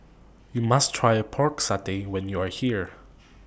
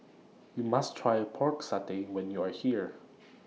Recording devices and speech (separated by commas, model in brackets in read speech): boundary microphone (BM630), mobile phone (iPhone 6), read sentence